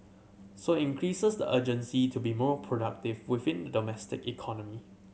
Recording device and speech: mobile phone (Samsung C7100), read sentence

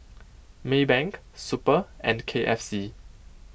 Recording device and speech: boundary microphone (BM630), read sentence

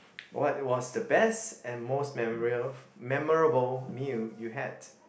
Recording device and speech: boundary microphone, conversation in the same room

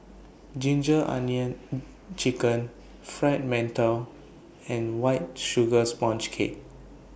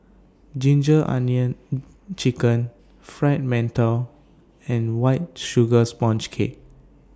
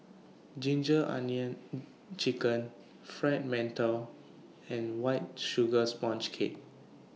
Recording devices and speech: boundary microphone (BM630), standing microphone (AKG C214), mobile phone (iPhone 6), read sentence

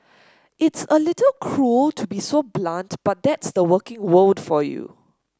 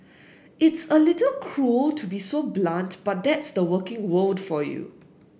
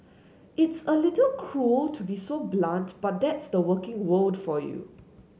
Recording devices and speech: standing microphone (AKG C214), boundary microphone (BM630), mobile phone (Samsung S8), read sentence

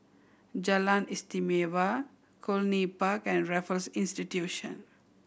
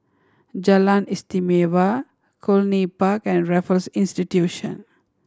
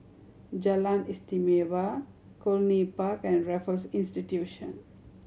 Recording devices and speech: boundary microphone (BM630), standing microphone (AKG C214), mobile phone (Samsung C7100), read sentence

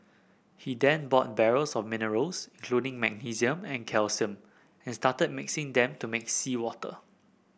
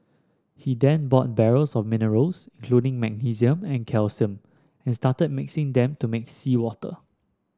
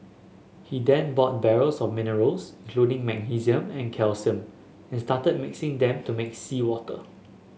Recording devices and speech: boundary microphone (BM630), standing microphone (AKG C214), mobile phone (Samsung S8), read sentence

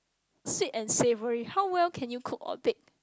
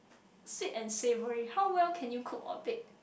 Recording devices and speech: close-talking microphone, boundary microphone, conversation in the same room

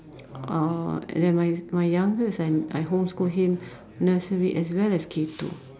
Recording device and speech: standing microphone, conversation in separate rooms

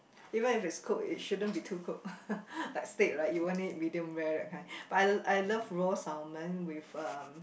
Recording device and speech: boundary microphone, conversation in the same room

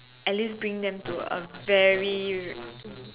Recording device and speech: telephone, conversation in separate rooms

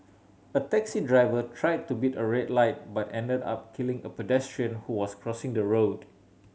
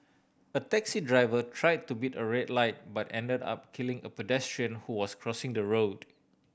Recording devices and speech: mobile phone (Samsung C7100), boundary microphone (BM630), read sentence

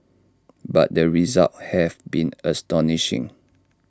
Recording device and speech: standing microphone (AKG C214), read sentence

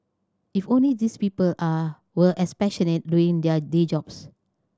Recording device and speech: standing microphone (AKG C214), read sentence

